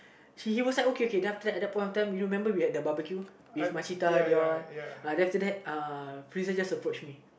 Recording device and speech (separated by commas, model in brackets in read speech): boundary microphone, conversation in the same room